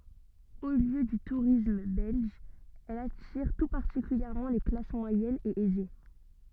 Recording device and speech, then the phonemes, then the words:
soft in-ear microphone, read sentence
o ljø dy tuʁism bɛlʒ ɛl atiʁ tu paʁtikyljɛʁmɑ̃ le klas mwajɛnz e ɛze
Haut lieu du tourisme belge, elle attire tout particulièrement les classes moyennes et aisées.

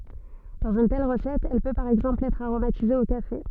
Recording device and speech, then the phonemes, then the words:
soft in-ear microphone, read sentence
dɑ̃z yn tɛl ʁəsɛt ɛl pø paʁ ɛɡzɑ̃pl ɛtʁ aʁomatize o kafe
Dans une telle recette, elle peut par exemple être aromatisée au café.

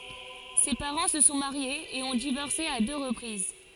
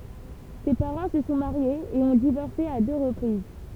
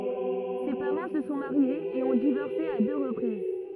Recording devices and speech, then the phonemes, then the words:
forehead accelerometer, temple vibration pickup, rigid in-ear microphone, read sentence
se paʁɑ̃ sə sɔ̃ maʁjez e ɔ̃ divɔʁse a dø ʁəpʁiz
Ses parents se sont mariés et ont divorcé à deux reprises.

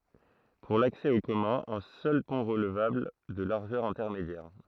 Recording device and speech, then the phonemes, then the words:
throat microphone, read sentence
puʁ laksɛ o kɔmœ̃z œ̃ sœl pɔ̃ ʁəlvabl də laʁʒœʁ ɛ̃tɛʁmedjɛʁ
Pour l'accès aux communs, un seul pont relevable, de largeur intermédiaire.

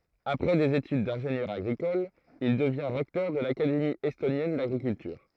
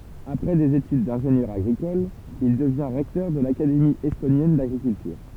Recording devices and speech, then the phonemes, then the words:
throat microphone, temple vibration pickup, read sentence
apʁɛ dez etyd dɛ̃ʒenjœʁ aɡʁikɔl il dəvjɛ̃ ʁɛktœʁ də lakademi ɛstonjɛn daɡʁikyltyʁ
Après des études d'ingénieur agricole, il devient recteur de l'Académie estonienne d'agriculture.

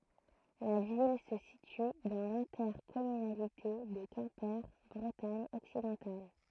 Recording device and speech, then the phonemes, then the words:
throat microphone, read sentence
la vil sə sity dɑ̃ lɛ̃tɛʁkɔmynalite də kɛ̃pe bʁətaɲ ɔksidɑ̃tal
La ville se situe dans l'intercommunalité de Quimper Bretagne occidentale.

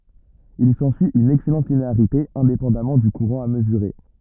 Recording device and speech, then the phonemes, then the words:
rigid in-ear microphone, read sentence
il sɑ̃syi yn ɛksɛlɑ̃t lineaʁite ɛ̃depɑ̃damɑ̃ dy kuʁɑ̃ a məzyʁe
Il s'ensuit une excellente linéarité, indépendamment du courant à mesurer.

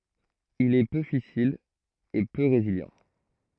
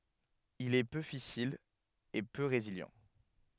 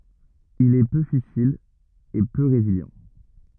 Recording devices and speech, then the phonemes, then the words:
throat microphone, headset microphone, rigid in-ear microphone, read sentence
il ɛ pø fisil e pø ʁezili
Il est peu fissile et peu résilient.

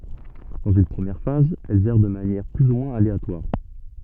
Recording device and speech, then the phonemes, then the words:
soft in-ear microphone, read sentence
dɑ̃z yn pʁəmjɛʁ faz ɛlz ɛʁ də manjɛʁ ply u mwɛ̃z aleatwaʁ
Dans une première phase, elles errent de manière plus ou moins aléatoire.

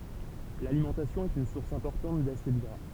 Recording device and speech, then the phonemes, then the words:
temple vibration pickup, read sentence
lalimɑ̃tasjɔ̃ ɛt yn suʁs ɛ̃pɔʁtɑ̃t dasid ɡʁa
L'alimentation est une source importante d'acides gras.

